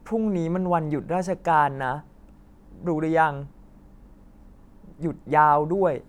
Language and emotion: Thai, frustrated